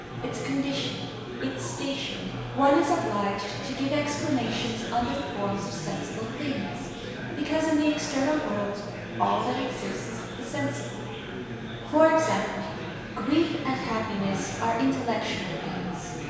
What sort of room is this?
A big, echoey room.